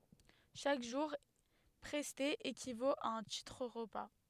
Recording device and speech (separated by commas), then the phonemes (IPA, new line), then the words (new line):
headset microphone, read sentence
ʃak ʒuʁ pʁɛste ekivot a œ̃ titʁ ʁəpa
Chaque jour presté équivaut à un titre-repas.